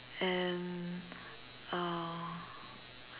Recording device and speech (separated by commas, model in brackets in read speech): telephone, conversation in separate rooms